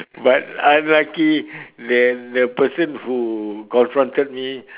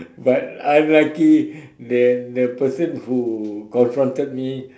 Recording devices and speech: telephone, standing microphone, conversation in separate rooms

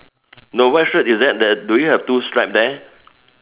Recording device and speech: telephone, conversation in separate rooms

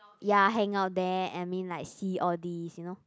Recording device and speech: close-talking microphone, conversation in the same room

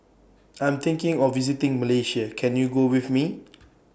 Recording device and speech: boundary microphone (BM630), read sentence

